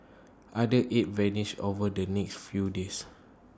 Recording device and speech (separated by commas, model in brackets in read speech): standing microphone (AKG C214), read sentence